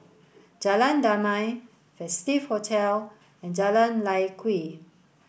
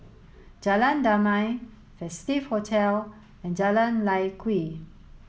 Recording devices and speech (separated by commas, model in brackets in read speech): boundary microphone (BM630), mobile phone (Samsung S8), read sentence